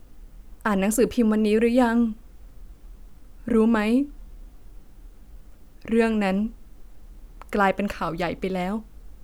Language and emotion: Thai, sad